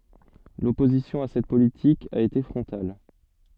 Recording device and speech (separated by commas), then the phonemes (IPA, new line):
soft in-ear microphone, read sentence
lɔpozisjɔ̃ a sɛt politik a ete fʁɔ̃tal